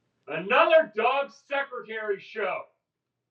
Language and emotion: English, angry